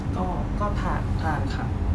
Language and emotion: Thai, neutral